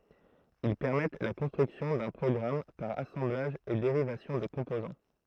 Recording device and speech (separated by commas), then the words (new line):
throat microphone, read sentence
Ils permettent la construction d'un programme par assemblage et dérivation de composants.